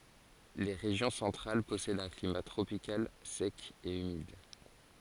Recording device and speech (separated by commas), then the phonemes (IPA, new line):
forehead accelerometer, read sentence
le ʁeʒjɔ̃ sɑ̃tʁal pɔsɛdt œ̃ klima tʁopikal sɛk e ymid